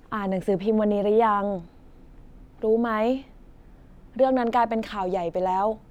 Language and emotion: Thai, neutral